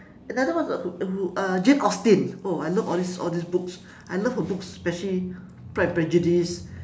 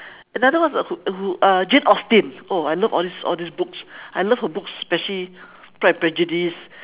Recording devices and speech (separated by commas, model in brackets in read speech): standing microphone, telephone, conversation in separate rooms